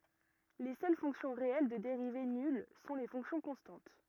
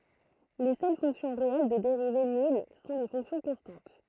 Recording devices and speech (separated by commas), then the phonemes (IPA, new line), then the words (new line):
rigid in-ear microphone, throat microphone, read sentence
le sœl fɔ̃ksjɔ̃ ʁeɛl də deʁive nyl sɔ̃ le fɔ̃ksjɔ̃ kɔ̃stɑ̃t
Les seules fonctions réelles de dérivée nulle sont les fonctions constantes.